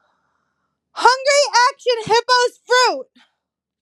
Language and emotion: English, disgusted